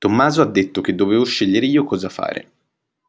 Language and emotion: Italian, neutral